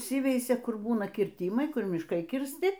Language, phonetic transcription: Lithuanian, ˈįsiveisia ˈkur ˈbūna kirˈtymai ˈkur mišˈkai kirsˈti

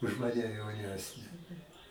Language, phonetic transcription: Lithuanian, už ˈmane jauˈnesne

